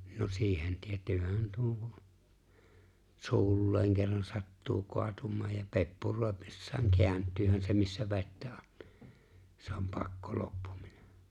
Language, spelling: Finnish, no siihen tietäähän tuon kun suulleen kerran sattuu kaatumaan ja peppuroidessaan kääntyyhän se missä vettä on niin se on pakko loppuminen
- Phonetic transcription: no 'siihen 'tiet̀(yyhän) tuo(ŋ ku) , 'su̬ulleeŋ kerran 'sattuu 'koatum̆maaj ja ('peppuroepᴇssaaŋ) 'ke̬änt̆tyhän se missä 've̬ttä ᴏɴ (ɴɪ) , se om 'pakko "loppᴜᴍɪɴᴇ .

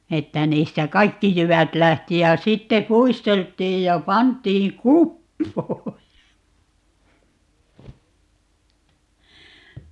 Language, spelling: Finnish, että niistä kaikki jyvät lähti ja sitten puisteltiin ja pantiin kupoon ja
- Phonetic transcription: 'että 'niistä "kaikki 'jyvät 'lähti ja 'sitte "puistelt̆tiij ja "pant̀iiŋ "kuppoo(j ja) , .

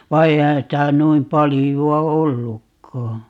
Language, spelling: Finnish, vaan eihän sitä noin paljoa ollutkaan
- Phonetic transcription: 'va "eihän 'sitä 'nuim 'paliju₍a "ollukkaa .

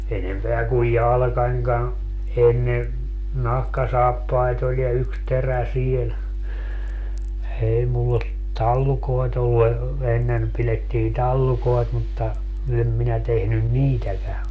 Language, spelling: Finnish, enempää kuin jalkanikaan ennen nahkasaappaita oli ja yksi terä siellä ei minulla ole tallukoita ollut - ennen pidettiin tallukoita mutta en minä tehnyt niitäkään
- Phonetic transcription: 'enempeä kuj "jalᵃkańkan , 'enne , "nahkasaappait ‿oĺ ja 'yks 'terä 'siel , 'ei mull ‿o , 'tallukoet ‿ollu e- , 'ennen , pilettii 'tallukoet mutta , 'em minä 'tehnyn "niitäkä .

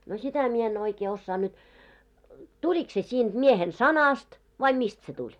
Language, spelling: Finnish, no sitä minä en oikein osaa nyt tuliko se siitä miehen sanasta vai mistä se tuli
- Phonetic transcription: no 'sitä mie en oikee 'ossaa nyt , 'tulik se sinᴅ miehen "sanast , vai "mist se 'tuĺ .

